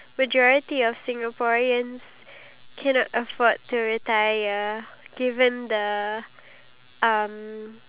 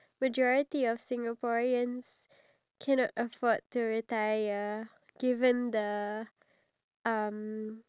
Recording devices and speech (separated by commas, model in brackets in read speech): telephone, standing microphone, conversation in separate rooms